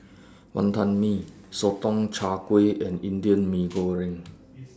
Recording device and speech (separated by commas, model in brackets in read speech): standing microphone (AKG C214), read sentence